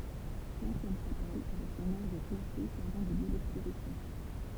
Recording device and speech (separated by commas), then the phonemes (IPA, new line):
temple vibration pickup, read sentence
lɑ̃sjɛn ʃapɛl avɛk sɔ̃n ɔʁɡ klase sɛʁvɑ̃ də ljø dɛkspozisjɔ̃